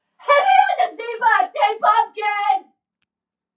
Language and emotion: English, neutral